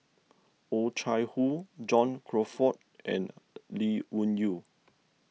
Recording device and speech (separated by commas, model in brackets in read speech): mobile phone (iPhone 6), read sentence